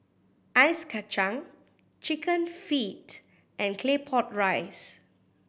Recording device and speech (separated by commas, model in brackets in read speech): boundary microphone (BM630), read sentence